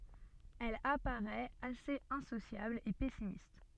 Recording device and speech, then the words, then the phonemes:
soft in-ear microphone, read sentence
Elle apparaît assez insociable et pessimiste.
ɛl apaʁɛt asez ɛ̃sosjabl e pɛsimist

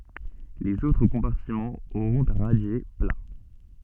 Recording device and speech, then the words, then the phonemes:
soft in-ear microphone, read sentence
Les autres compartiments auront un radier plat.
lez otʁ kɔ̃paʁtimɑ̃z oʁɔ̃t œ̃ ʁadje pla

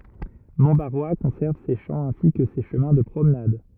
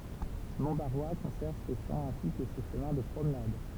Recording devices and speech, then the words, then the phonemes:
rigid in-ear microphone, temple vibration pickup, read sentence
Montbarrois conserve ses champs ainsi que ses chemins de promenades.
mɔ̃tbaʁwa kɔ̃sɛʁv se ʃɑ̃ ɛ̃si kə se ʃəmɛ̃ də pʁomnad

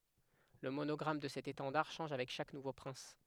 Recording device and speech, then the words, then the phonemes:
headset microphone, read sentence
Le monogramme de cet étendard change avec chaque nouveau prince.
lə monɔɡʁam də sɛt etɑ̃daʁ ʃɑ̃ʒ avɛk ʃak nuvo pʁɛ̃s

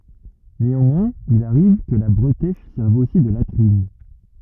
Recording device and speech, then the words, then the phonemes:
rigid in-ear microphone, read sentence
Néanmoins, il arrive que la bretèche serve aussi de latrines.
neɑ̃mwɛ̃z il aʁiv kə la bʁətɛʃ sɛʁv osi də latʁin

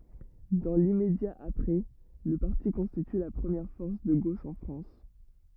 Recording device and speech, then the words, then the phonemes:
rigid in-ear microphone, read sentence
Dans l’immédiat après-, le parti constitue la première force de gauche en France.
dɑ̃ limmedja apʁɛ lə paʁti kɔ̃stity la pʁəmjɛʁ fɔʁs də ɡoʃ ɑ̃ fʁɑ̃s

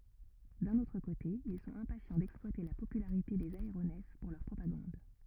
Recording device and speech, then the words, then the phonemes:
rigid in-ear microphone, read sentence
D'un autre côté, ils sont impatients d'exploiter la popularité des aéronefs pour leur propagande.
dœ̃n otʁ kote il sɔ̃t ɛ̃pasjɑ̃ dɛksplwate la popylaʁite dez aeʁonɛf puʁ lœʁ pʁopaɡɑ̃d

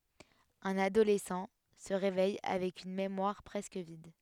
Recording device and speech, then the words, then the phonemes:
headset microphone, read sentence
Un adolescent se réveille avec une mémoire presque vide.
œ̃n adolɛsɑ̃ sə ʁevɛj avɛk yn memwaʁ pʁɛskə vid

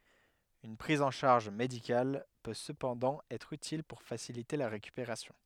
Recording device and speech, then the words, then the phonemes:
headset microphone, read sentence
Une prise en charge médicale peut cependant être utile pour faciliter la récupération.
yn pʁiz ɑ̃ ʃaʁʒ medikal pø səpɑ̃dɑ̃ ɛtʁ ytil puʁ fasilite la ʁekypeʁasjɔ̃

